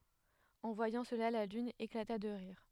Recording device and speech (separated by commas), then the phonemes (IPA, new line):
headset microphone, read sentence
ɑ̃ vwajɑ̃ səla la lyn eklata də ʁiʁ